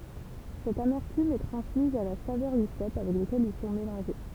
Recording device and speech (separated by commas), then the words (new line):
temple vibration pickup, read sentence
Cette amertume est transmise à la saveur du cèpe avec lequel ils sont mélangés.